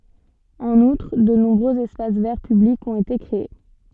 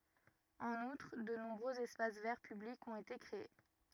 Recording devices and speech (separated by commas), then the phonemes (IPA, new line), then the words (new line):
soft in-ear microphone, rigid in-ear microphone, read sentence
ɑ̃n utʁ də nɔ̃bʁøz ɛspas vɛʁ pyblikz ɔ̃t ete kʁee
En outre, de nombreux espaces verts publics ont été créés.